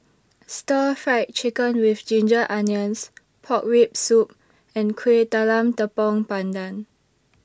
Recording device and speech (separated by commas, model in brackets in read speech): standing microphone (AKG C214), read sentence